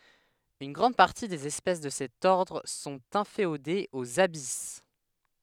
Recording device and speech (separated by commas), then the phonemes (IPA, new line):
headset microphone, read sentence
yn ɡʁɑ̃d paʁti dez ɛspɛs də sɛt ɔʁdʁ sɔ̃t ɛ̃feodez oz abis